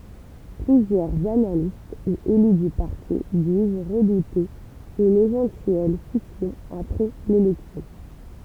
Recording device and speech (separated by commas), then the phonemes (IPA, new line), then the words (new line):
temple vibration pickup, read sentence
plyzjœʁz analist u ely dy paʁti diz ʁədute yn evɑ̃tyɛl sisjɔ̃ apʁɛ lelɛksjɔ̃
Plusieurs analystes ou élus du parti disent redouter une éventuelle scission après l'élection.